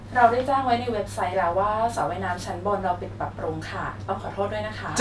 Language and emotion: Thai, neutral